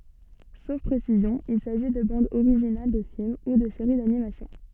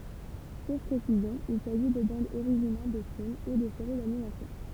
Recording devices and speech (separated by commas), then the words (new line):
soft in-ear microphone, temple vibration pickup, read sentence
Sauf précision, il s'agit de bandes originales de films ou de série d'animation.